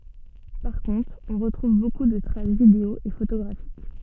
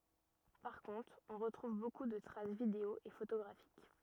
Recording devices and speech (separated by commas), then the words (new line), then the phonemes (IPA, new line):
soft in-ear microphone, rigid in-ear microphone, read sentence
Par contre, on retrouve beaucoup de traces vidéo et photographiques.
paʁ kɔ̃tʁ ɔ̃ ʁətʁuv boku də tʁas video e fotoɡʁafik